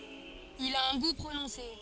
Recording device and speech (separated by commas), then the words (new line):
forehead accelerometer, read sentence
Il a un goût prononcé.